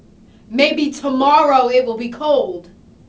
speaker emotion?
angry